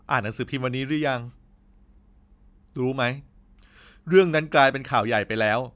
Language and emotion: Thai, frustrated